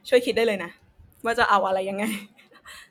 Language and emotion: Thai, happy